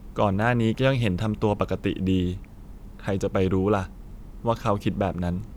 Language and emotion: Thai, frustrated